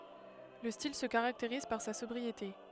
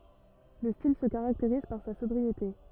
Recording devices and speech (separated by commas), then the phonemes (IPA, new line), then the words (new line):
headset microphone, rigid in-ear microphone, read sentence
lə stil sə kaʁakteʁiz paʁ sa sɔbʁiete
Le style se caractérise par sa sobriété.